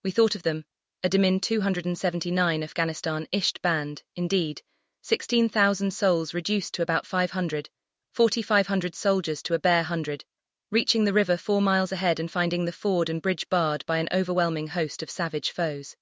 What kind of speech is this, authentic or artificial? artificial